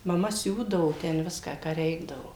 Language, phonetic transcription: Lithuanian, maˈma ˈsiūdavo ten ˈviską ką ˈreikdavo

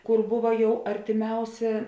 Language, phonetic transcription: Lithuanian, ˈkur ˈbuva ˈjau artiˈmiausė

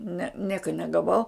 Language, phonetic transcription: Lithuanian, ne ˈnieka negaˈvau

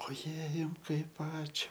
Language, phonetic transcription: Lithuanian, oˈjei ˈjum ˈkaip ˈačiu

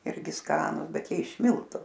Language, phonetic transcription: Lithuanian, ˈirgi ˈskanu ˈbet ˈjie iš ˈmiltu

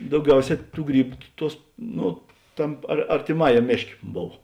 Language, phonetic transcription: Lithuanian, dauˈgiauˌsē ˈtų ˈgrybu ˈtuos ˈnu ˈtam ar artėˈmajam ˈmėšˌkė ˈbov

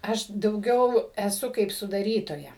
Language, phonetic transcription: Lithuanian, ˈaš dauˈgiau eˈsu kaip sudaˈrytoja

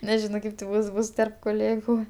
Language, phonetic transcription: Lithuanian, neˈžino ˈkaip ti ˈbus ˈbus terp koˈlėgu

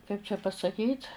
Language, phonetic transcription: Lithuanian, kaip čia pasaˈkyt

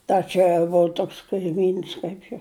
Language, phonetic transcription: Lithuanian, ˈta čia vo ˈtoks kaiˈmyns ˈkaip jo

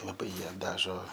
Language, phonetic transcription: Lithuanian, laˈbai ˈjie ˈdažo

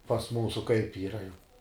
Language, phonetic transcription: Lithuanian, pas ˈmūsu kaip ˈyra jau

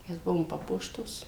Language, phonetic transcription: Lithuanian, ˈmes ˈbuvom ˈpapuoštos

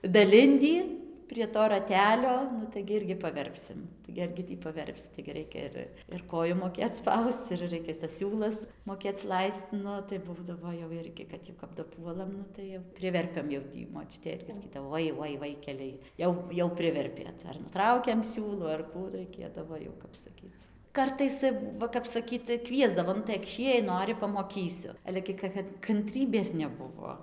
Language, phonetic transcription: Lithuanian, daˈlindį prie ˈto raˈtelio ˈnu taigi ˈirgi paˈverpsim ˈtaigi argi ˈtį paˈverpsi taigi ˈraikia ir ir ˈkoju moˈkėc ˈspausc ir ˈraikia tas ˈsiūlas moˈkėc ˈlaisc ˈnu tai ˈbūdavo jau ˈirgi kad ˈjau kap daˈpuolam ˈnu tai jau ˈpriverpiam jau ˈtį moˈčiutė ˈirgi saˈkydavo ˈvoi ˈvoi ˈvaikeliai ˈjau jau ˈpriverpėt ar nuˈtraukiam ˈsiūlų ar ˈkų raiˈkėdavo jau ˈkap saˈkyc ˈkartais ta ˈva kap saˈkyt tai ˈkviesdavo nu tai akˈšį jei ˈnori pamoˈkysiu ˈale gi ka ˈkad kanˈtrybės neˈbuvo

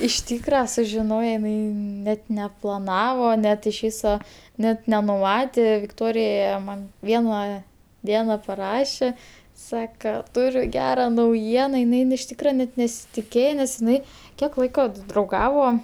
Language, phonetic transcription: Lithuanian, iš ˈtykra sužiˈnoje iˈnai net neplaˈnavo ˈnet iš ˈvyso ˈnet nenuˈmatė vikˈtorija man ˈviena ˈdiena paˈrašė ˈsaka ˈturiu ˈgera nauˈjiena iˈnai in iš ˈtykra net nesitiˈkėje nes iˈnai ˈkiek ˈlaiko d drauˈgavo

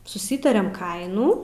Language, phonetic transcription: Lithuanian, suˈsytariam ˈkainų

